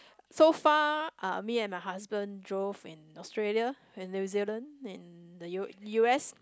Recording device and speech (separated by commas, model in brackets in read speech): close-talking microphone, conversation in the same room